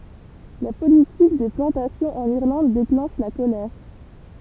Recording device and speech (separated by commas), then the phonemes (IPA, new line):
temple vibration pickup, read sentence
la politik de plɑ̃tasjɔ̃z ɑ̃n iʁlɑ̃d deklɑ̃ʃ la kolɛʁ